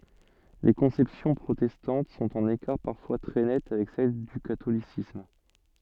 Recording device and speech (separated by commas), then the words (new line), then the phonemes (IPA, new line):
soft in-ear microphone, read sentence
Les conceptions protestantes sont en écart parfois très net avec celle du catholicisme.
le kɔ̃sɛpsjɔ̃ pʁotɛstɑ̃t sɔ̃t ɑ̃n ekaʁ paʁfwa tʁɛ nɛt avɛk sɛl dy katolisism